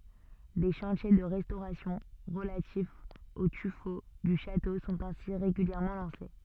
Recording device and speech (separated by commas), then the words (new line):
soft in-ear microphone, read sentence
Des chantiers de restauration relatifs au tuffeau du château sont ainsi régulièrement lancés.